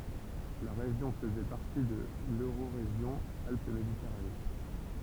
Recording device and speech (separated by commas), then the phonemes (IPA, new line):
temple vibration pickup, read sentence
la ʁeʒjɔ̃ fəzɛ paʁti də løʁoʁeʒjɔ̃ alp meditɛʁane